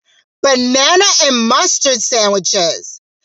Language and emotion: English, disgusted